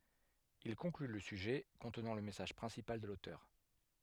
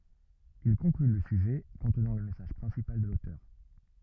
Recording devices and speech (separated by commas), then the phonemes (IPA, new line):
headset microphone, rigid in-ear microphone, read sentence
il kɔ̃kly lə syʒɛ kɔ̃tnɑ̃ lə mɛsaʒ pʁɛ̃sipal də lotœʁ